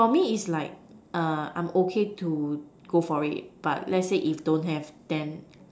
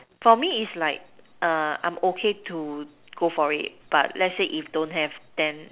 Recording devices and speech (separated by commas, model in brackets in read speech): standing microphone, telephone, conversation in separate rooms